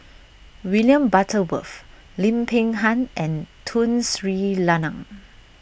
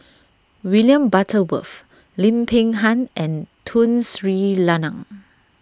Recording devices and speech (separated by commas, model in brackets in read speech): boundary microphone (BM630), standing microphone (AKG C214), read sentence